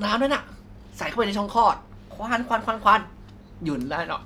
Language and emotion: Thai, frustrated